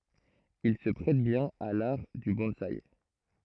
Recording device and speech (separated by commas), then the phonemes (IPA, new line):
throat microphone, read sentence
il sə pʁɛt bjɛ̃n a laʁ dy bɔ̃saj